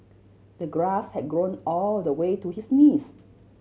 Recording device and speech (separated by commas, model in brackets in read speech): mobile phone (Samsung C7100), read sentence